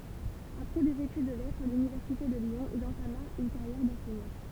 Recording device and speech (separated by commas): temple vibration pickup, read sentence